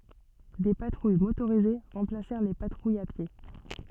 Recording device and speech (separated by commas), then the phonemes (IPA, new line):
soft in-ear microphone, read sentence
de patʁuj motoʁize ʁɑ̃plasɛʁ le patʁujz a pje